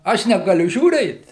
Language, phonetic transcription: Lithuanian, ˈaš negaˈliu žiūˈrėt

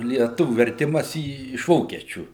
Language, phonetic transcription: Lithuanian, lieˈtuviu verˈtimas į iš ˈvokiečių

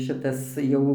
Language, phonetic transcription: Lithuanian, ˈšitas ˈjau

